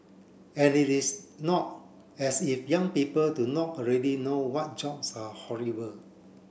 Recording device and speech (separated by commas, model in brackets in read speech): boundary microphone (BM630), read sentence